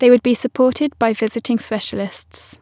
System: none